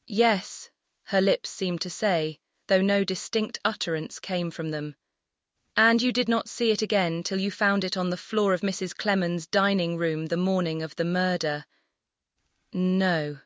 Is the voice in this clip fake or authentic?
fake